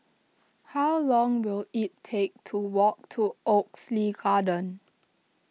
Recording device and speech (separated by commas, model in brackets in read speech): mobile phone (iPhone 6), read sentence